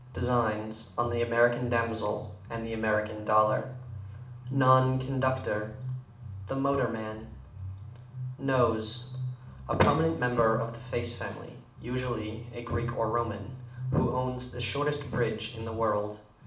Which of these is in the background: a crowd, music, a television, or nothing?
Music.